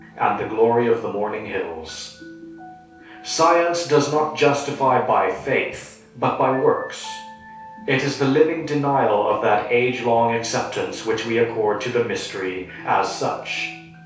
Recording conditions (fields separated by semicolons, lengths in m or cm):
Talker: one person; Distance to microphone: 3.0 m; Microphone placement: far; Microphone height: 1.8 m; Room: small (3.7 m by 2.7 m); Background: music